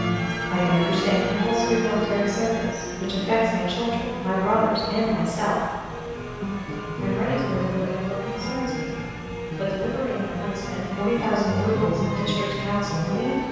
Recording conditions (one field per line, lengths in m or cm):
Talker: one person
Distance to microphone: 7.1 m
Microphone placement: far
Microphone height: 1.7 m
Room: very reverberant, large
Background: music